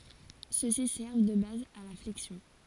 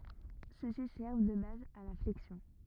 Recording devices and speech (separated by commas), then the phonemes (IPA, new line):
forehead accelerometer, rigid in-ear microphone, read sentence
søksi sɛʁv də baz a la flɛksjɔ̃